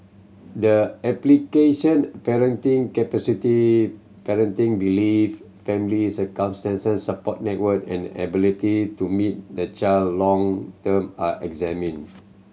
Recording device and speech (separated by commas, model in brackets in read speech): mobile phone (Samsung C7100), read sentence